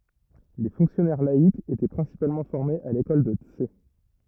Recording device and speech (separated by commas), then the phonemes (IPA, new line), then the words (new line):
rigid in-ear microphone, read sentence
le fɔ̃ksjɔnɛʁ laikz etɛ pʁɛ̃sipalmɑ̃ fɔʁmez a lekɔl də ts
Les fonctionnaires laïcs étaient principalement formés à l'école de Tse.